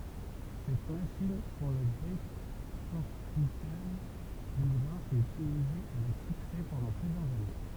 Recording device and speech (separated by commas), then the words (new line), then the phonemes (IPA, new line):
temple vibration pickup, read sentence
Cette machine pour le décorticage du grain fut utilisée avec succès pendant plusieurs années.
sɛt maʃin puʁ lə dekɔʁtikaʒ dy ɡʁɛ̃ fy ytilize avɛk syksɛ pɑ̃dɑ̃ plyzjœʁz ane